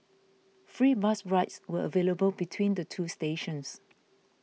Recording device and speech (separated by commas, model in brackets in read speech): mobile phone (iPhone 6), read sentence